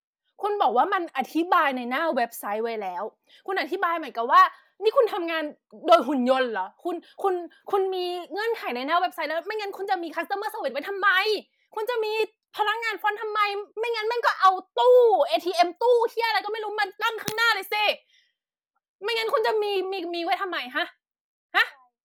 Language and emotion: Thai, angry